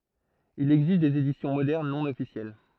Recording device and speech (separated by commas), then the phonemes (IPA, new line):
throat microphone, read sentence
il ɛɡzist dez edisjɔ̃ modɛʁn nɔ̃ ɔfisjɛl